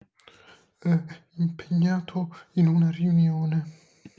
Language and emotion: Italian, fearful